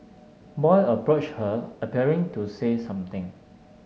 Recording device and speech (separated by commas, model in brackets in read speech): mobile phone (Samsung S8), read sentence